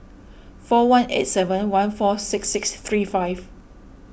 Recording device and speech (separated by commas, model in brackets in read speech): boundary microphone (BM630), read sentence